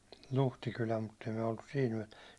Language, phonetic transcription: Finnish, 'Luhtikylä mutt ‿ei myä oltus 'siɛl ‿yätₒÄ .
- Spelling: Luhtikylä mutta ei me oltu siellä yötä

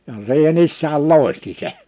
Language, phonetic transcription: Finnish, ja 'siihe'n ‿issääl "lòehti 'se .
- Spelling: ja siihen isäkin loihti sen

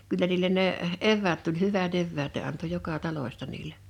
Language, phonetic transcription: Finnish, 'kyllä niil̆len ne’ , "evväät tuĺ "hyvä't ‿evväät ne anto 'joka 'taloⁱsta niile .
- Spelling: kyllä niille ne eväät tuli hyvät eväät ne antoi joka talosta niille

